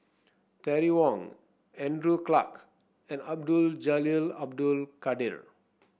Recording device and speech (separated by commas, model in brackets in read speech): boundary microphone (BM630), read sentence